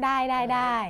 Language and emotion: Thai, neutral